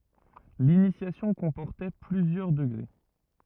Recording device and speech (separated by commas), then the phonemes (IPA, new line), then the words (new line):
rigid in-ear microphone, read sentence
linisjasjɔ̃ kɔ̃pɔʁtɛ plyzjœʁ dəɡʁe
L'initiation comportait plusieurs degrés.